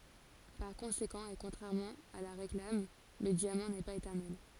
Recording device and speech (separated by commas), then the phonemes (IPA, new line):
forehead accelerometer, read sentence
paʁ kɔ̃sekɑ̃ e kɔ̃tʁɛʁmɑ̃ a la ʁeklam lə djamɑ̃ nɛ paz etɛʁnɛl